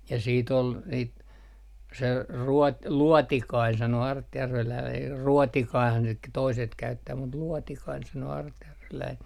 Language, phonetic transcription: Finnish, ja sii't ‿ol , niit , se ruo- , "luɔtikain sano 'artjärveläin r - "ruɔtikaihan sit k - toiset käyttää mut "luɔtikain sanoo 'artjärveläin .
- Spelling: ja siitä oli niitä se - luotikainen sanoi artjärveläinen - ruotikainenhan sitä - toiset käyttää mutta luotikainen sanoo artjärveläinen

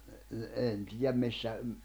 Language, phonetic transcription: Finnish, ne ne , 'en 'tiijäm 'missä ,.
- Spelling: ne ne en tiedä missä

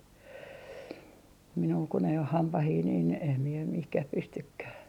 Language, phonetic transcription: Finnish, minul kun ‿ei oh "hampahii niin , em mie 'mihkäh 'pystykkää .
- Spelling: minulla kun ei ole hampaita niin en minä mihinkään pystykään

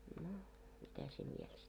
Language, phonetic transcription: Finnish, no , mitä se viel sit ?
- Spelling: no mitä se vielä sitten

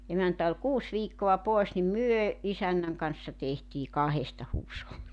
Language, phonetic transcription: Finnish, 'emäntä ol "kuus 'viikko₍a 'pòes nim "myö , 'isännäŋ kanssa 'tehtii "kahesta "huusholli .
- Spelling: emäntä oli kuusi viikkoa pois niin me isännän kanssa tehtiin kahdesta huusholli

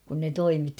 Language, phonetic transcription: Finnish, kun ne "toimitti .
- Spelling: kun ne toimitti

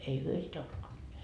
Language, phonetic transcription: Finnish, ei 'hyö sitä uskonneet .
- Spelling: ei he sitä uskoneet

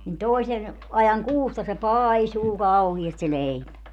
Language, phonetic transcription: Finnish, nin "tòisen , 'ajaŋ "kuusta se "paaisuu 'kauhiast se 'leipä .
- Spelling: niin toisen ajan kuusta se paisuu kauheasti se leipä

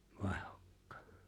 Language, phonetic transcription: Finnish, 'vàehᴏkkᴀᴀ .
- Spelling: vaihdokkaan

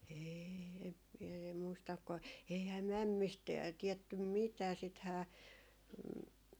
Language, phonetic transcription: Finnish, 'eei , em miɛ em muistak ko 'eihää "mämmist , tiɛttym "mitää 'sithää ,.
- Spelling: ei en minä en muista kun eihän mämmistä tiedetty mitään sittenhän

